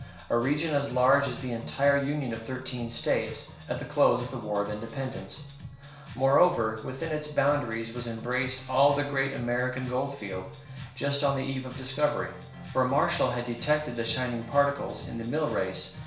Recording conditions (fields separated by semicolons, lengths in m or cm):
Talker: one person; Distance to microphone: 1.0 m; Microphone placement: close; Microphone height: 1.1 m; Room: small (3.7 m by 2.7 m); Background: music